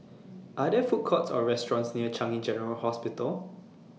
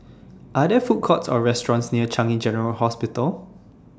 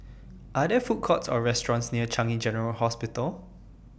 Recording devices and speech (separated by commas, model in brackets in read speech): mobile phone (iPhone 6), standing microphone (AKG C214), boundary microphone (BM630), read sentence